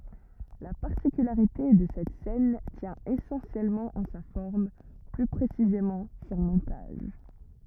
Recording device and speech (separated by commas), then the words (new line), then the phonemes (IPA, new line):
rigid in-ear microphone, read sentence
La particularité de cette scène tient essentiellement en sa forme, plus précisément son montage.
la paʁtikylaʁite də sɛt sɛn tjɛ̃ esɑ̃sjɛlmɑ̃ ɑ̃ sa fɔʁm ply pʁesizemɑ̃ sɔ̃ mɔ̃taʒ